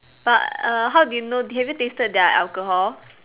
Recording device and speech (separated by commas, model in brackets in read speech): telephone, conversation in separate rooms